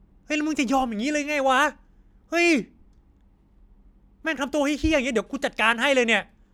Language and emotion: Thai, angry